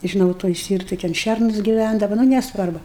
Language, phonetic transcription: Lithuanian, žiˈnau toj ˈstyrtoj ten ˈšernus giˈvændava nu nesˈvarbu

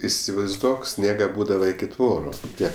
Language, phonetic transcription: Lithuanian, isivaizˈduok ˈsniega ˈbūdava iki ˈtvoru ˈtiek

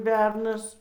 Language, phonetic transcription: Lithuanian, ˈbernas

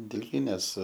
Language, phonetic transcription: Lithuanian, dilˈgynės

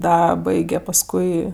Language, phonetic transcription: Lithuanian, ˈda ˈbaige paˈskui

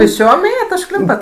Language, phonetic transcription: Lithuanian, pėsˈčiom ˈėjat užˈklimpat

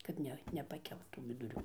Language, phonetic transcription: Lithuanian, kad ˈne nepaˈkelt tų viduˈrių

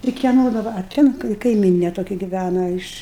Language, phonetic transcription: Lithuanian, ir kieˈno daˈba a ˈten kai kaiˈmynė toˈkia giˈvæna iš

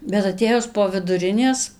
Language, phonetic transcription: Lithuanian, bet aˈtėjus po viduˈrinės

